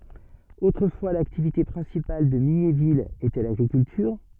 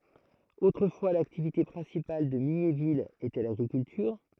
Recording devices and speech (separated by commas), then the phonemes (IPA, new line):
soft in-ear microphone, throat microphone, read sentence
otʁəfwa laktivite pʁɛ̃sipal də miɲevil etɛ laɡʁikyltyʁ